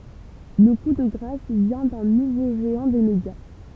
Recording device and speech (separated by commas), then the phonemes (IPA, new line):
temple vibration pickup, read sentence
lə ku də ɡʁas vjɛ̃ dœ̃ nuvo ʒeɑ̃ de medja